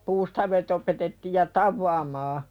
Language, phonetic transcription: Finnish, 'puustavet ‿opetettiij ja "tavvaamaa .
- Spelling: puustaavit opetettiin ja tavaamaan

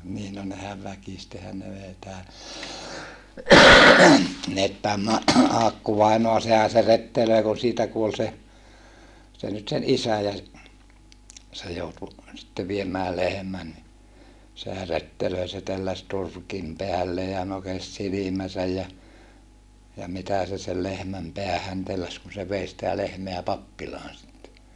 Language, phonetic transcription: Finnish, niin no nehäv väkistehän ne vei tää , - - Aakku-vainoa sehä se rettelöi kun siitä kuol se , nyt sen isä ja (se) , se joutu , sⁱtte viemää lehᵉmän ni , sehä rettelöi se telläs turkim peällee ja nokes silimäsäj ja , ja mitä se sel lehmäm peähän telläs kun se vei sitä lehmeä pappilaan sitte .
- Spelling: niin no nehän väkisinhän ne vei tämä Aakku-vainaa sehän se rettelöi kun siitä kuoli se nyt sen isä ja se se joutui sitten viemään lehmän niin sehän rettelöi se telläsi turkin päälleen ja nokesi silmänsä ja ja mitä se sen lehmän päähän telläsi kun se vei sitä lehmää pappilaan sitten

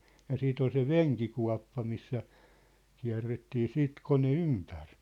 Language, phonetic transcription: Finnish, ja 'siit ‿ol se "veŋkikua̭ppa missä , kiä̭rrettii "siit 'kone "ympär .
- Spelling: ja sitten oli se venkikuoppa missä kierrettiin sitten kone ympäri

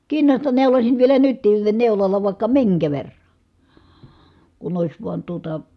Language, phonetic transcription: Finnish, kinnasta neulosin vielä nyt̀iin neulalla vài̮kka miŋkä verrA , kun ‿òis vuan tuota ,.
- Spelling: kinnasta neuloisin vielä nytkin neulalla vaikka minkä verran kun olisi vain tuota

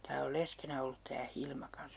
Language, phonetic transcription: Finnish, tää ol 'leskenä ollut tää 'Hilma 'kans .
- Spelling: tämä on leskenä ollut tämä Hilma kanssa

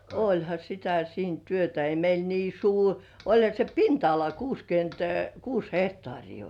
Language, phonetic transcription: Finnish, oĺha sitä siin 'työtä , ei meil 'nii "suur , 'oĺha se "pinta₍ala 'kuuskyönt 'kuus hehtŏàrii oĺ .
- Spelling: olihan sitä siinä työtä ei meillä niin suuri olihan se pinta-ala kuusikymmentä kuusi hehtaaria oli

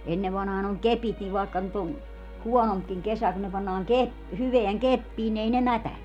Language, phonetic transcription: Finnish, 'ennev vanhaan ‿oŋ "kepit niv vàekka nyt ‿on , "huɔnompkiŋ 'kesä kun ne pannaaŋ 'kep- , 'hyveäŋ "keppiin ni 'ei ne "mätäne .
- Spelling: ennen vanhaan on kepit niin vaikka nyt on huonompikin kesä kun ne pannaan - hyvään keppiin niin ei ne mätäne

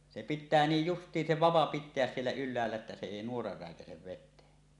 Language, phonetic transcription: Finnish, se pit̆tää 'niij "just̀iin se 'vava "pit̆teäs 'siellä 'yl̆läällä että se 'èi nuora rä̀ekäsev vet̆teen .
- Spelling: se pitää niin justiin se vapa pitää siellä ylhäällä että se ei nuora räikäise veteen

